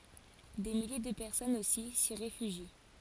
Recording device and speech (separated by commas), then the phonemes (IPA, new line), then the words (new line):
forehead accelerometer, read sentence
de milje də pɛʁsɔnz osi si ʁefyʒi
Des milliers de personnes aussi s'y réfugient.